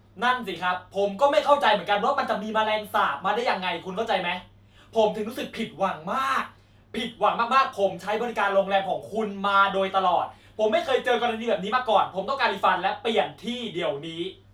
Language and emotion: Thai, angry